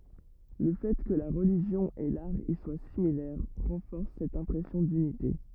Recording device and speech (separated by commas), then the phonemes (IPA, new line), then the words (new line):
rigid in-ear microphone, read sentence
lə fɛ kə la ʁəliʒjɔ̃ e laʁ i swa similɛʁ ʁɑ̃fɔʁs sɛt ɛ̃pʁɛsjɔ̃ dynite
Le fait que la religion et l'art y soient similaires renforce cette impression d'unité.